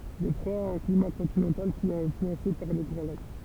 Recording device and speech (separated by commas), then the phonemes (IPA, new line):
temple vibration pickup, read sentence
detʁwa a œ̃ klima kɔ̃tinɑ̃tal ki ɛt ɛ̃flyɑ̃se paʁ le ɡʁɑ̃ lak